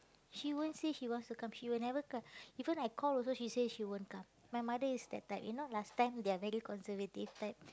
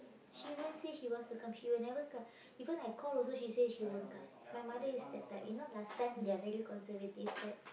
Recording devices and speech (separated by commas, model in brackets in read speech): close-talking microphone, boundary microphone, conversation in the same room